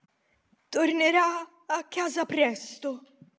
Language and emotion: Italian, fearful